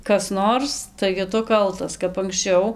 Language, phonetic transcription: Lithuanian, ˈkas ˈnors taigi ˈtu ˈkaltas kap anksˈčiau

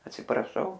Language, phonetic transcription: Lithuanian, atsipraˈšau

